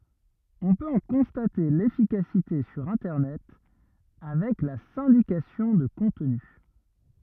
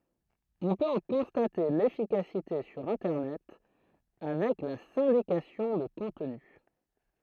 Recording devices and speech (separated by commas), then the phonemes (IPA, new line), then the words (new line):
rigid in-ear microphone, throat microphone, read sentence
ɔ̃ pøt ɑ̃ kɔ̃state lefikasite syʁ ɛ̃tɛʁnɛt avɛk la sɛ̃dikasjɔ̃ də kɔ̃tny
On peut en constater l'efficacité sur Internet avec la syndication de contenu.